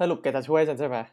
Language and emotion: Thai, happy